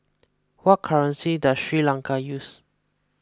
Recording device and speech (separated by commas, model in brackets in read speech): close-talking microphone (WH20), read sentence